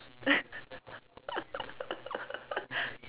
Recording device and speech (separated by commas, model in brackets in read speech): telephone, conversation in separate rooms